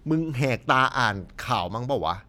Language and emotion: Thai, frustrated